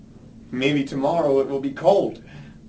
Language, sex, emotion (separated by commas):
English, male, neutral